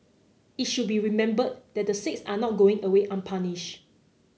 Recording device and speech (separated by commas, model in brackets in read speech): mobile phone (Samsung C9), read sentence